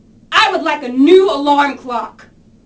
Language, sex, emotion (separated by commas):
English, female, angry